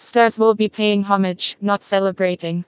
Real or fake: fake